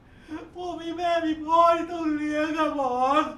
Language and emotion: Thai, sad